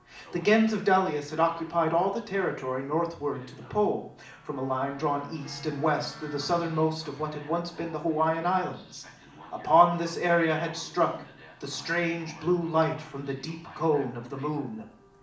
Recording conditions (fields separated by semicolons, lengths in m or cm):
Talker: one person; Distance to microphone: 2.0 m; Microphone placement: close; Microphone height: 99 cm; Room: medium-sized (5.7 m by 4.0 m); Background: television